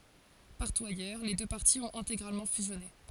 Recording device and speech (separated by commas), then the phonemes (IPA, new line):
forehead accelerometer, read sentence
paʁtu ajœʁ le dø paʁti ɔ̃t ɛ̃teɡʁalmɑ̃ fyzjɔne